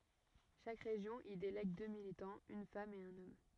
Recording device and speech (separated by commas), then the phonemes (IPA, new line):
rigid in-ear microphone, read sentence
ʃak ʁeʒjɔ̃ i delɛɡ dø militɑ̃z yn fam e œ̃n ɔm